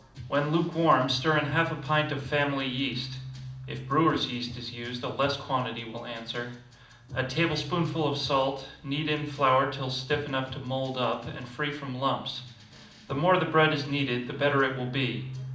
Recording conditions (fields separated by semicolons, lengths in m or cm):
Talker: one person; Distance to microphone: 2.0 m; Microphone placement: close; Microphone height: 99 cm; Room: medium-sized (5.7 m by 4.0 m); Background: music